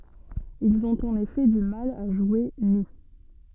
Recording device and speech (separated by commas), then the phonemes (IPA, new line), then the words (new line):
soft in-ear microphone, read sentence
ilz ɔ̃t ɑ̃n efɛ dy mal a ʒwe ny
Ils ont en effet du mal à jouer nus.